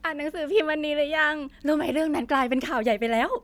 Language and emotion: Thai, happy